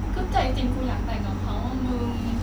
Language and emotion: Thai, sad